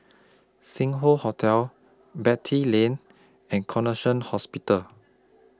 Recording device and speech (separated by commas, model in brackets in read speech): close-talking microphone (WH20), read sentence